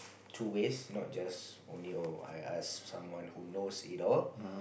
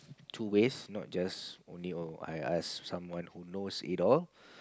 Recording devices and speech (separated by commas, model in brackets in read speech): boundary microphone, close-talking microphone, conversation in the same room